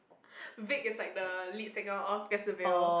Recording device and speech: boundary microphone, conversation in the same room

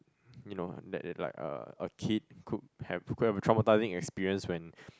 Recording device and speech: close-talking microphone, conversation in the same room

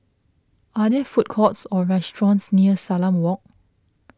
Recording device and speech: close-talking microphone (WH20), read sentence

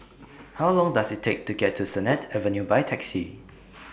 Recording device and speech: boundary microphone (BM630), read sentence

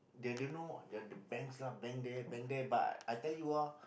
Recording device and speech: boundary microphone, conversation in the same room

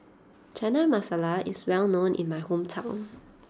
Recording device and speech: standing microphone (AKG C214), read sentence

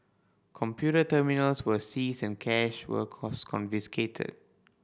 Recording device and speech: boundary microphone (BM630), read sentence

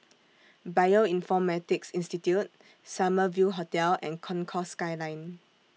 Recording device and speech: mobile phone (iPhone 6), read sentence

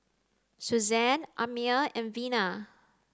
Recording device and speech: close-talking microphone (WH30), read sentence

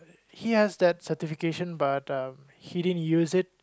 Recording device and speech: close-talking microphone, conversation in the same room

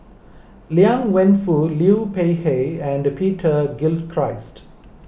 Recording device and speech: boundary microphone (BM630), read sentence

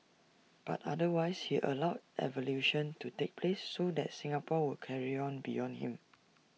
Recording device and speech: mobile phone (iPhone 6), read sentence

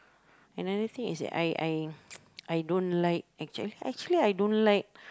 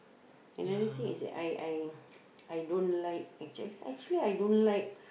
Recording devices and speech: close-talking microphone, boundary microphone, conversation in the same room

